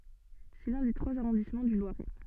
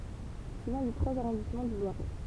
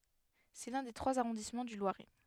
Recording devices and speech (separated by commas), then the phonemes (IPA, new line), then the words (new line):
soft in-ear microphone, temple vibration pickup, headset microphone, read sentence
sɛ lœ̃ de tʁwaz aʁɔ̃dismɑ̃ dy lwaʁɛ
C'est l'un des trois arrondissements du Loiret.